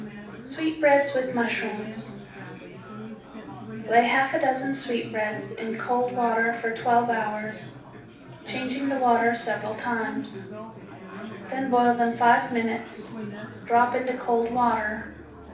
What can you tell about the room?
A moderately sized room (about 5.7 m by 4.0 m).